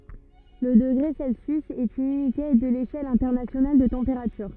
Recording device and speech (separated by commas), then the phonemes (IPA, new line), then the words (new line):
rigid in-ear microphone, read sentence
lə dəɡʁe sɛlsjys ɛt yn ynite də leʃɛl ɛ̃tɛʁnasjonal də tɑ̃peʁatyʁ
Le degré Celsius est une unité de l’échelle internationale de température.